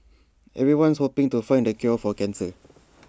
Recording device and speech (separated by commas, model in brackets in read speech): standing microphone (AKG C214), read sentence